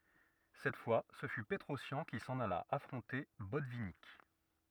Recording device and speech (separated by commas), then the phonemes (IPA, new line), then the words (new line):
rigid in-ear microphone, read sentence
sɛt fwa sə fy pətʁɔsjɑ̃ ki sɑ̃n ala afʁɔ̃te bɔtvinik
Cette fois, ce fut Petrossian qui s'en alla affronter Botvinnik.